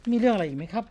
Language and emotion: Thai, neutral